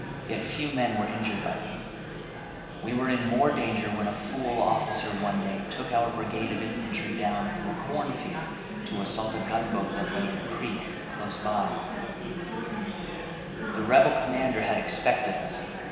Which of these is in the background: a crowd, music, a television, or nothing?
Crowd babble.